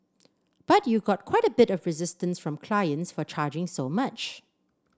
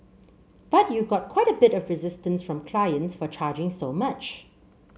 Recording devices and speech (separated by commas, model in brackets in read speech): standing microphone (AKG C214), mobile phone (Samsung C7), read sentence